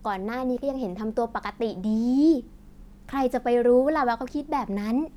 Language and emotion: Thai, happy